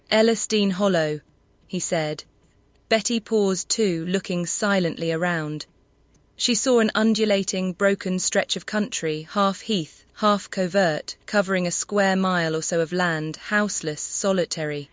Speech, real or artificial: artificial